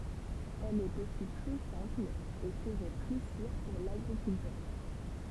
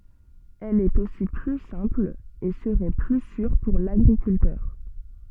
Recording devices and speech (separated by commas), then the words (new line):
temple vibration pickup, soft in-ear microphone, read sentence
Elle est aussi plus simple et serait plus sûre pour l'agriculteur.